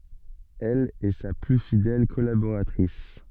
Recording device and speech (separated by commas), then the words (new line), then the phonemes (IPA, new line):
soft in-ear microphone, read sentence
Elle est sa plus fidèle collaboratrice.
ɛl ɛ sa ply fidɛl kɔlaboʁatʁis